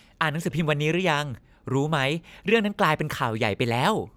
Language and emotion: Thai, happy